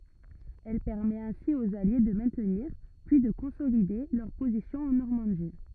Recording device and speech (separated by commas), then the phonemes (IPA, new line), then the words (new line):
rigid in-ear microphone, read sentence
ɛl pɛʁmɛt ɛ̃si oz alje də mɛ̃tniʁ pyi də kɔ̃solide lœʁ pozisjɔ̃z ɑ̃ nɔʁmɑ̃di
Elle permet ainsi aux Alliés de maintenir, puis de consolider, leurs positions en Normandie.